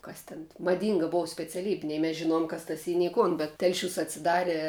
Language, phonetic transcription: Lithuanian, ˈkas tin maˈdynga ˈbov speciaˈlybi ˈnei mes žiˈnojom kas tas ˈy nei ˈkun bet ˈtelˌšiūs atsiˈdare

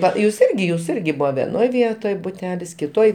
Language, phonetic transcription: Lithuanian, ˈva jūs ˈirgi jūs ˈirgi ˈbūva veˈnoj ˈvietoj buˈtelis kiˈtoj

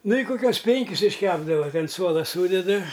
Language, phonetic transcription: Lithuanian, ˈnu i koˈkiuos ˈpenkis išˈkepdava ti an ˈsuola ˈsūdedɨ

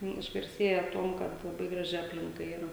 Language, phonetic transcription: Lithuanian, ˈnu išgarˈsėja ˈtuom ˈkad laˈbai ˈgraži ˈaplinka ˈyra

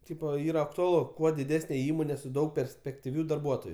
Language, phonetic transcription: Lithuanian, ˈtypo ˈyra aktuaˈlu ˈkuo diˈdesne ˈįmone su ˈdaug perspektiˈvių darˈbuotoju

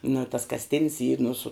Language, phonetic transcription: Lithuanian, nu i tas kasˈtin's y nu su

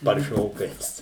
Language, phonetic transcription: Lithuanian, parˈšiokais

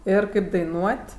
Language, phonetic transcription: Lithuanian, ˈir kaip daiˈnuot'

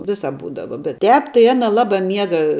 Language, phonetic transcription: Lithuanian, ˈvisap ˈbūdava bet ˈtēp tai ˈana ˈlabā ˈmiega

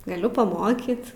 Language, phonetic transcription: Lithuanian, gaˈliu paˈmokyt

